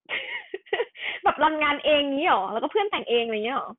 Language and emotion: Thai, happy